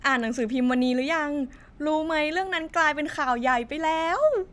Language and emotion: Thai, happy